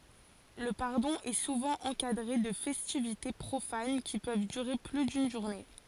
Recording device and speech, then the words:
forehead accelerometer, read sentence
Le pardon est souvent encadré de festivités profanes qui peuvent durer plus d'une journée.

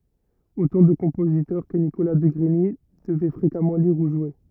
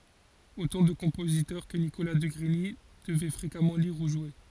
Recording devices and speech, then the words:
rigid in-ear microphone, forehead accelerometer, read sentence
Autant de compositeurs que Nicolas de Grigny devait fréquemment lire ou jouer.

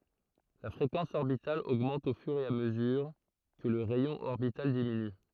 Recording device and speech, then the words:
throat microphone, read sentence
La fréquence orbitale augmente au fur et à mesure que le rayon orbital diminue.

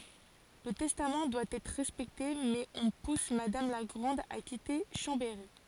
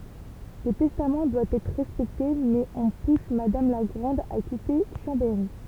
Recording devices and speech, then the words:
forehead accelerometer, temple vibration pickup, read sentence
Le testament doit être respecté mais on pousse Madame la Grande à quitter Chambéry.

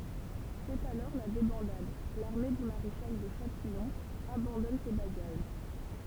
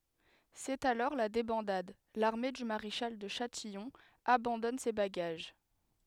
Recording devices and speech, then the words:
temple vibration pickup, headset microphone, read sentence
C'est alors la débandade, l'armée du maréchal de Châtillon abandonne ses bagages.

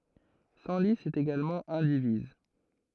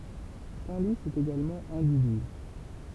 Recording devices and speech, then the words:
throat microphone, temple vibration pickup, read sentence
Senlis est également indivise.

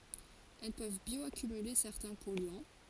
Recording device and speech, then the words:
forehead accelerometer, read sentence
Elles peuvent bioaccumuler certains polluants.

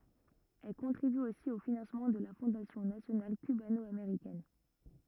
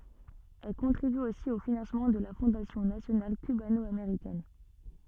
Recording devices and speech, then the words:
rigid in-ear microphone, soft in-ear microphone, read sentence
Elle contribue aussi au financement de la Fondation nationale cubano-américaine.

